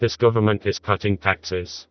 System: TTS, vocoder